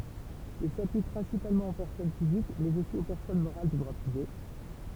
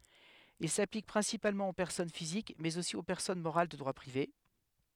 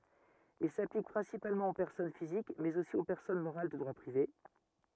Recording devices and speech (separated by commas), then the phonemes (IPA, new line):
temple vibration pickup, headset microphone, rigid in-ear microphone, read sentence
il saplik pʁɛ̃sipalmɑ̃ o pɛʁsɔn fizik mɛz osi o pɛʁsɔn moʁal də dʁwa pʁive